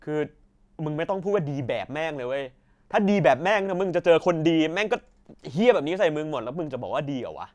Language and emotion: Thai, frustrated